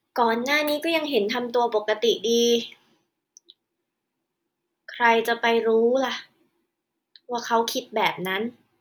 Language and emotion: Thai, frustrated